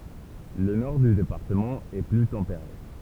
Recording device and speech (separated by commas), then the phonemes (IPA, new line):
temple vibration pickup, read sentence
lə nɔʁ dy depaʁtəmɑ̃ ɛ ply tɑ̃peʁe